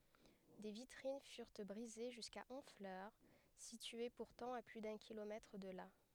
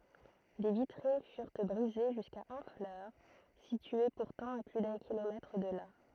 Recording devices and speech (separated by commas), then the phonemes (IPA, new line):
headset microphone, throat microphone, read sentence
de vitʁin fyʁ bʁize ʒyska ɔ̃flœʁ sitye puʁtɑ̃ a ply dœ̃ kilomɛtʁ də la